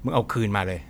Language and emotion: Thai, frustrated